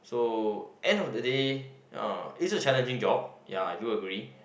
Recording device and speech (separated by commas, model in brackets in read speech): boundary microphone, conversation in the same room